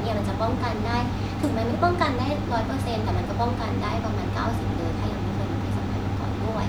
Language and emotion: Thai, neutral